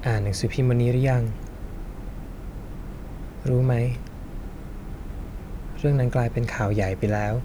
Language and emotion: Thai, sad